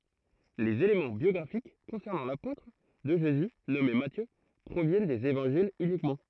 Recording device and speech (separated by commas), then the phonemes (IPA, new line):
throat microphone, read sentence
lez elemɑ̃ bjɔɡʁafik kɔ̃sɛʁnɑ̃ lapotʁ də ʒezy nɔme matjø pʁovjɛn dez evɑ̃ʒilz ynikmɑ̃